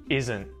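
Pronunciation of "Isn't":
In 'isn't', the t after the n at the end is muted.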